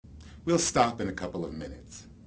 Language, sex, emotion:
English
male
neutral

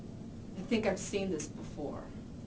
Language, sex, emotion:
English
female
neutral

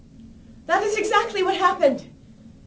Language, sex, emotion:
English
female
fearful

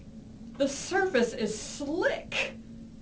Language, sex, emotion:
English
female
disgusted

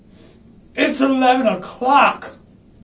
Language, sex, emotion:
English
male
angry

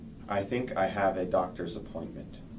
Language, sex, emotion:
English
male
neutral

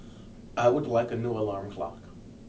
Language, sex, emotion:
English
male
neutral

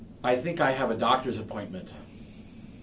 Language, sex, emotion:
English
male
neutral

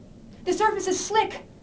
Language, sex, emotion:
English
female
fearful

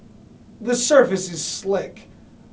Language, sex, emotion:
English
male
neutral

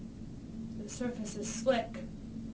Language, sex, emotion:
English
female
neutral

